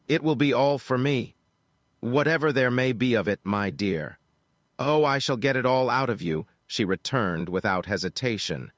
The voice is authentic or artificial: artificial